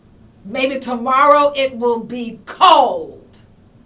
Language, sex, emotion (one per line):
English
female
angry